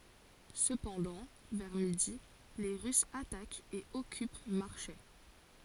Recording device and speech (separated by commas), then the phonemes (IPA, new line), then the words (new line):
forehead accelerometer, read sentence
səpɑ̃dɑ̃ vɛʁ midi le ʁysz atakt e ɔkyp maʁʃɛ
Cependant, vers midi, les Russes attaquent et occupent Marchais.